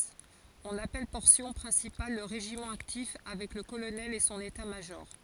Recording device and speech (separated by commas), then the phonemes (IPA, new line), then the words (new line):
forehead accelerometer, read sentence
ɔ̃n apɛl pɔʁsjɔ̃ pʁɛ̃sipal lə ʁeʒimɑ̃ aktif avɛk lə kolonɛl e sɔ̃n etatmaʒɔʁ
On appelle Portion Principale le régiment actif, avec le Colonel et son État-major.